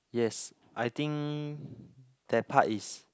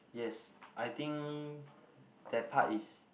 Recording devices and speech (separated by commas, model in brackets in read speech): close-talking microphone, boundary microphone, conversation in the same room